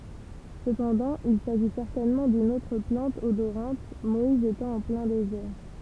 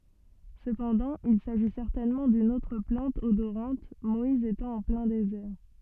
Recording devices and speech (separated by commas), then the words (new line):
temple vibration pickup, soft in-ear microphone, read sentence
Cependant, il s'agit certainement d'une autre plante odorante, Moïse étant en plein désert.